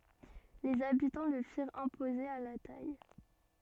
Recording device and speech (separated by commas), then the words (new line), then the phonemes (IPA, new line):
soft in-ear microphone, read sentence
Les habitants le firent imposer à la taille.
lez abitɑ̃ lə fiʁt ɛ̃poze a la taj